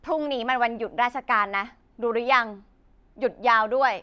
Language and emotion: Thai, frustrated